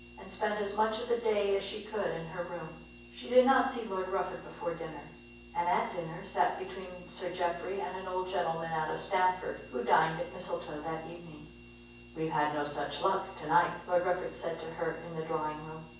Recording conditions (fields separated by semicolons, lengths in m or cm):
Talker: one person; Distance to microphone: 9.8 m; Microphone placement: far; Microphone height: 1.8 m; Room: large; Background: none